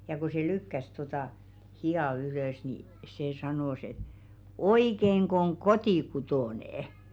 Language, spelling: Finnish, ja kun se lykkäsi tuota hihaa ylös niin se sanoi että oikeinko on kotikutoinen
- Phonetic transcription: ja ko se "lykkäs totà , 'hi₍à 'ylö̀s nì , 'se 'sanòs ‿et , » "oikeŋk ‿oŋ "kotikutònè₍ᵉ ? «

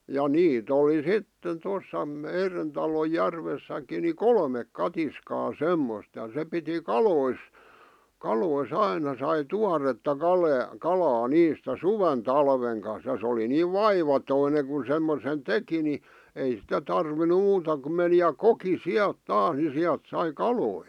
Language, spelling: Finnish, ja niitä oli sitten tuossa meidän talon järvessäkin niin kolme katiskaa semmoista ja se piti kaloissa kaloissa aina sai tuoretta kalaa kalaa niistä suven talven kanssa ja se oli niin vaivaton kun semmoisen teki niin ei sitä tarvinnut muuta kuin meni ja koki sieltä taas niin sieltä sai kaloja
- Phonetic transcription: ja "niit ‿oli "sitten tos̆sa 'meiren talo 'järves̆säk̆ki ni "kolmek 'katiskaa "semmost ja se piti "kalois , "kaloi's ‿aina sai "tuaretta 'kale₍a , 'kalaa "niistä "suven 'talveŋ kan̬s ja sᵉ oli niiv "vaivatoine kun̬ semmosen "teki ni , ei sitä tarvinu 'muuta kum meni ja "koki "siält "taas ni 'siält 'sai "kaloi .

